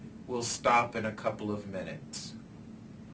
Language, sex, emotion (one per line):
English
male
angry